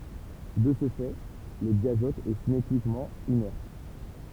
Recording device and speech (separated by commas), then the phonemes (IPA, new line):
temple vibration pickup, read sentence
də sə fɛ lə djazɔt ɛ sinetikmɑ̃ inɛʁt